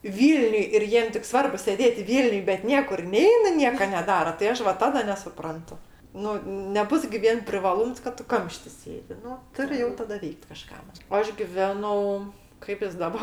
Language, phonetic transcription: Lithuanian, ˈvylniuj ir ˈjiem tik ˈsvarbu sėˈdėt' ˈvylniuj bet ˈniekur ˈneina ˈnieka neˈdara tai ˈaš va ˈtada nesuˈprantu ˈnu neˈbus gi ˈvien privaˈlūms kad ˈtu ˈkamšti ˈsėdi ˈnu ˈturi jau ˈtada ˈveikt kaˈžka o ˈaš giˈvenau kaip jis ˈdaba

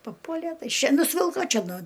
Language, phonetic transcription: Lithuanian, paˈpuole ˈtai ˈšia nusˈvilko ˈčia ˈnu

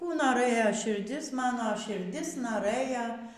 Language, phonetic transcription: Lithuanian, ˈkų noˈrɘja širˈdis ˈmano širˈdis noˈrɘja

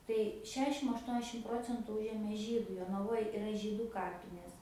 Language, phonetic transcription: Lithuanian, tai ˈšešim ašˈtuoniašim ˈprocentu ˈužėmė ˈžydai jonaˈvoj iˈra ˈžydu ˈkapinės

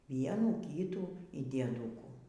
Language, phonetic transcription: Lithuanian, ˈvienų ˈkytų y dieˈdūkų

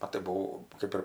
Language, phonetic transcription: Lithuanian, ˈa tai buˈvau ˈkɜp ir

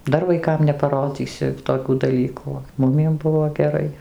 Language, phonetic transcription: Lithuanian, ˈdar vaiˈkam nepaˈrodzysi toˈkių daˈlykų o ˈmumiem ˈbuvo geˈrai

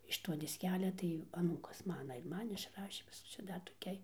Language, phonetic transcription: Lithuanian, iš to disˈkelia tai aˈnūkas ˈmana ir ˈman išˈrašė ˈčia ˈdar toˈkiai

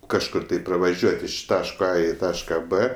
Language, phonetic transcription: Lithuanian, kažˈkur tai pravaˈžiuot' iš ˈtaško a i ˈtaška b

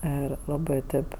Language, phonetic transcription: Lithuanian, ˈir ˈlabɜ ˈtėp

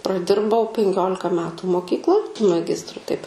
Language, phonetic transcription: Lithuanian, praˈdirbau penˈkiolika ˈmetu moˈkykloj maˈgistru taip

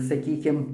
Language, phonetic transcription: Lithuanian, saˈkykim

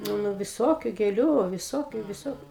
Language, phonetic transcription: Lithuanian, ˈnu ˈnu viˈsokiu gėˈliu viˈsokiu viˈsokiu

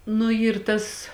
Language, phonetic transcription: Lithuanian, nu ˈyr ˈtas

